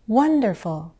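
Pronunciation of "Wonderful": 'Wonderful' is said with a rise-fall in the voice, expressing delight.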